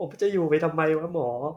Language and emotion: Thai, sad